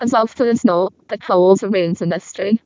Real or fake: fake